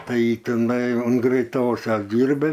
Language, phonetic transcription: Lithuanian, ˈtai tiˈnai un greiˈtosios ˈdyrba

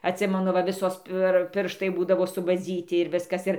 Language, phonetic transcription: Lithuanian, atˈsimenu va ˈvisos pir ˈpirštai ˈbūdavo subaˈdzyti ir ˈviskas ˈir

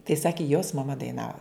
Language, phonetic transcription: Lithuanian, tai ˈsaki jos maˈma daiˈnava

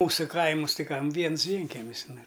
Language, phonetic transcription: Lithuanian, ˈmūsu ˈkaimus ˈtai ˈkam ˈviens ˈvienkemis ˈnu

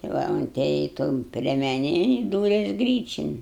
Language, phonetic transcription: Lithuanian, ti ˈva unˈtėjai ton priemeˈnėn i ˈdūres ˈgryčin

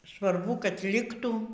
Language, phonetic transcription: Lithuanian, svarˈbu kad ˈliktų

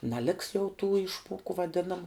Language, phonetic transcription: Lithuanian, naˈliks jau tų ˈišmuoku vaˈdinamu

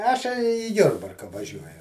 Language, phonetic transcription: Lithuanian, ˈašei į ˈjurbarka vaˈžiuoju

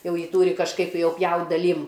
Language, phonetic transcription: Lithuanian, ˈjau ˈjį ˈtūri kažˈkaip ˈjau ˈpjaut' daˈlym

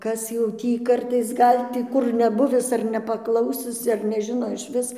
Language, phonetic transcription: Lithuanian, ˈkas jau ˈtį ˈkartais ˈgal' tį ˈkur neˈbuvis ar nepaˈklausis ar neˈžino išˈvis

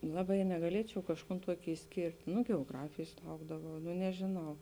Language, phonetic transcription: Lithuanian, ˈlaˌbai negaˈliečiau kažˈkūn ˈtuoki išˈskėrt' nu geoˈgrafėjs ˈlaukdavau nu nežėˈnau

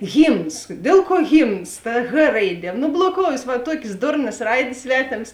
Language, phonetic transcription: Lithuanian, ˈhymns ˈdėl ˌkuo ˈhymns ta h ˈraiˌdie no bloˈkoujės ˈva ˈtuokės ˈdurnas ˈraidės ˈsvetėms

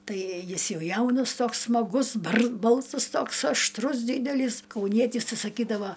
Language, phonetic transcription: Lithuanian, ˈtai ˈjis ˈjau ˈjaunas ˈtoks smaˈgus barz ˈbalsas ˈtoks ašˈtrus ˈdydelys kauˈnietys ˈtai saˈkydava

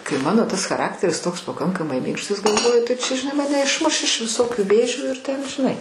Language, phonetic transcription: Lithuanian, kai ˈmano ˈtas chaˈrakteris ˈtoks paˈkankamai ˈminkštas galˈvoju tai ˈčia žiˈnai ˈmane išˈmuš iš viˈsokiu ˈvėžių ir ten žiˈnai

